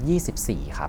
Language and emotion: Thai, neutral